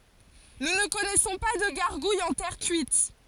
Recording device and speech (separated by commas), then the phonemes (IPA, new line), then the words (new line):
forehead accelerometer, read sentence
nu nə kɔnɛsɔ̃ pa də ɡaʁɡujz ɑ̃ tɛʁ kyit
Nous ne connaissons pas de gargouilles en terre cuite.